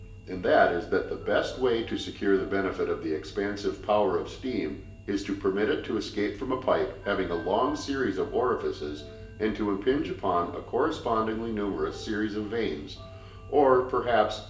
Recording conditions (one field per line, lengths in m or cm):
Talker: one person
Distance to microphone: 1.8 m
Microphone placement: close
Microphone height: 1.0 m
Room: large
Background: music